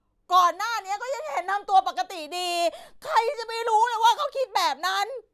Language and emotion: Thai, angry